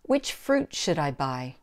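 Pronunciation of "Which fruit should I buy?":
In 'Which fruit should I buy?', the stress falls on 'fruit'.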